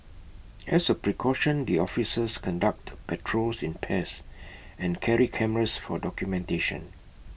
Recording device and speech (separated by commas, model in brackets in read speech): boundary microphone (BM630), read sentence